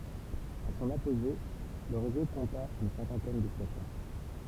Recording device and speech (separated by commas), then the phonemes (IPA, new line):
temple vibration pickup, read sentence
a sɔ̃n apoʒe lə ʁezo kɔ̃ta yn sɛ̃kɑ̃tɛn də stasjɔ̃